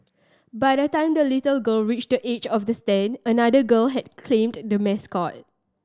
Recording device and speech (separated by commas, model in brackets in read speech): standing microphone (AKG C214), read sentence